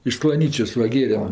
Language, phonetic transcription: Lithuanian, iš sklaˈnyčios ˈva ˈgėrem

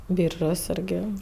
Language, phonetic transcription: Lithuanian, ˈbyržos ˈirgi

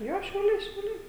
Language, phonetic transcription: Lithuanian, ˈjo šiauˈliai šiauˈliai

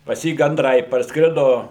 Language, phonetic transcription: Lithuanian, pas ˈjį ganˈdrai parsˈkrido

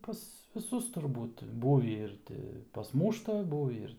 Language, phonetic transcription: Lithuanian, pas viˈsus turˈbūt ˈbūvį ˈir ti pasˈmūšta ˈbūvį ir

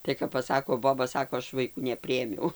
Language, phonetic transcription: Lithuanian, tai kap paˈsako ˈboba ˈsako ˈaš vaiˈkų neˈpriėmiau

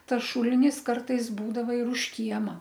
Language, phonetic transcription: Lithuanian, ˈtas ˈšulinis ˈkartais ˈbūdava ir už ˈkiema

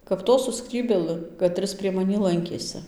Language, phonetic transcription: Lithuanian, kap ˈto su ˈskrybėlɨ kaˈtris prie maˈnį ˈlankėsɨ

